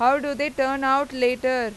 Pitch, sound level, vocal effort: 265 Hz, 95 dB SPL, loud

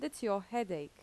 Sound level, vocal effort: 83 dB SPL, normal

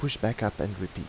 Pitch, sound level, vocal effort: 105 Hz, 80 dB SPL, soft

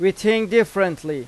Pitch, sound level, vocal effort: 195 Hz, 94 dB SPL, loud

